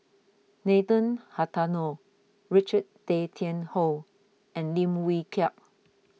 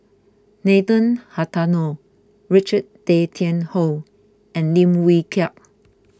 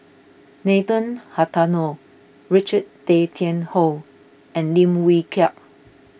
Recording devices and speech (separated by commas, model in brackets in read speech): mobile phone (iPhone 6), close-talking microphone (WH20), boundary microphone (BM630), read sentence